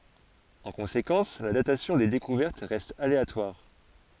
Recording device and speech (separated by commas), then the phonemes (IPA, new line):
forehead accelerometer, read sentence
ɑ̃ kɔ̃sekɑ̃s la datasjɔ̃ de dekuvɛʁt ʁɛst aleatwaʁ